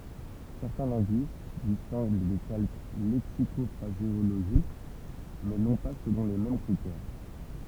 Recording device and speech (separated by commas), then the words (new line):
temple vibration pickup, read sentence
Certains linguistes distinguent des calques lexico-phraséologiques, mais non pas selon les mêmes critères.